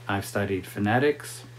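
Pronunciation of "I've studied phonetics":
'I've studied phonetics' is said the normal, typical way for a statement like this.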